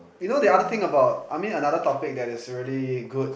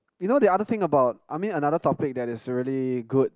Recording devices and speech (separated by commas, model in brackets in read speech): boundary microphone, close-talking microphone, conversation in the same room